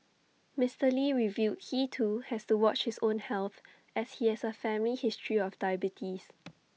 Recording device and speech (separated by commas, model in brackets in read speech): mobile phone (iPhone 6), read sentence